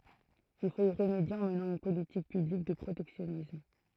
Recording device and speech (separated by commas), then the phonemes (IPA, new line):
throat microphone, read sentence
il fot i ʁəmedje ɑ̃ mənɑ̃ yn politik pyblik də pʁotɛksjɔnism